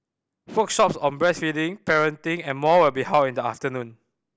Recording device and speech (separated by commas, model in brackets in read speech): boundary microphone (BM630), read sentence